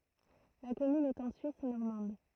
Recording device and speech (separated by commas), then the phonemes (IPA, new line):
throat microphone, read sentence
la kɔmyn ɛt ɑ̃ syis nɔʁmɑ̃d